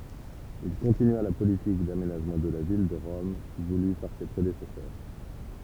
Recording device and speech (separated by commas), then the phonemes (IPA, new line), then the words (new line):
temple vibration pickup, read sentence
il kɔ̃tinya la politik damenaʒmɑ̃ də la vil də ʁɔm vuly paʁ se pʁedesɛsœʁ
Il continua la politique d'aménagement de la ville de Rome voulue par ses prédécesseurs.